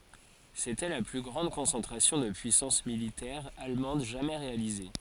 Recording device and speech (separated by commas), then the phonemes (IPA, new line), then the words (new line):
forehead accelerometer, read sentence
setɛ la ply ɡʁɑ̃d kɔ̃sɑ̃tʁasjɔ̃ də pyisɑ̃s militɛʁ almɑ̃d ʒamɛ ʁealize
C'était la plus grande concentration de puissance militaire allemande jamais réalisée.